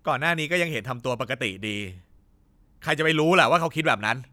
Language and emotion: Thai, frustrated